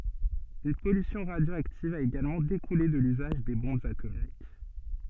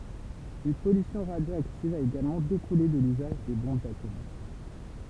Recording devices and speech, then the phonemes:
soft in-ear microphone, temple vibration pickup, read sentence
yn pɔlysjɔ̃ ʁadjoaktiv a eɡalmɑ̃ dekule də lyzaʒ de bɔ̃bz atomik

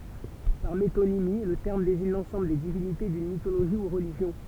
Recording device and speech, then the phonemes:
temple vibration pickup, read sentence
paʁ metonimi lə tɛʁm deziɲ lɑ̃sɑ̃bl de divinite dyn mitoloʒi u ʁəliʒjɔ̃

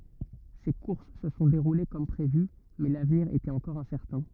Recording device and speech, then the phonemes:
rigid in-ear microphone, read sentence
se kuʁs sə sɔ̃ deʁule kɔm pʁevy mɛ lavniʁ etɛt ɑ̃kɔʁ ɛ̃sɛʁtɛ̃

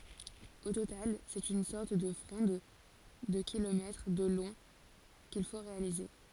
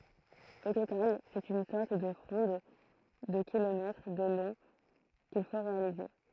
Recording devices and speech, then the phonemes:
forehead accelerometer, throat microphone, read sentence
o total sɛt yn sɔʁt də fʁɔ̃d də kilomɛtʁ də lɔ̃ kil fo ʁealize

